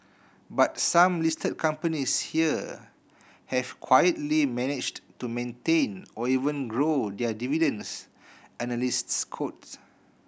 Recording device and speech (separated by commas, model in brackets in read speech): boundary microphone (BM630), read sentence